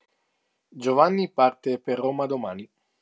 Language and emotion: Italian, neutral